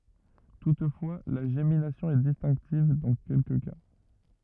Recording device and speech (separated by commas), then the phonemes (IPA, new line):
rigid in-ear microphone, read sentence
tutfwa la ʒeminasjɔ̃ ɛ distɛ̃ktiv dɑ̃ kɛlkə ka